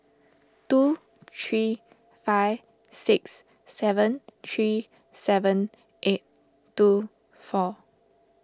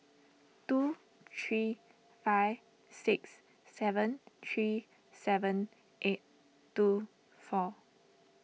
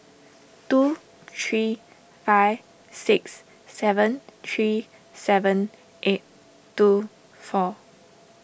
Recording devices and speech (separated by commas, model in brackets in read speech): standing microphone (AKG C214), mobile phone (iPhone 6), boundary microphone (BM630), read sentence